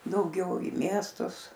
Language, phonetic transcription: Lithuanian, dauˈgiau į ˈmiestus

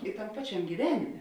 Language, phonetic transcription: Lithuanian, i tam ˈpačiam' gyˈvenimė

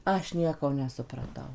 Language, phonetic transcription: Lithuanian, ˈaš ˈnieko nesupraˈtau

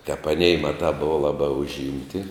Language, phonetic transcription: Lithuanian, tep aˈnei ˈmaˌtā ˈbova ˈlaˌbā užˈimti

